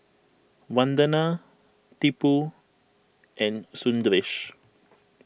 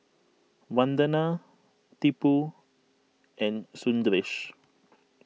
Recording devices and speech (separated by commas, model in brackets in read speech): boundary microphone (BM630), mobile phone (iPhone 6), read sentence